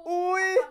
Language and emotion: Thai, happy